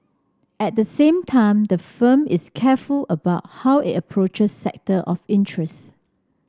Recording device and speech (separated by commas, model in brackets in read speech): standing microphone (AKG C214), read sentence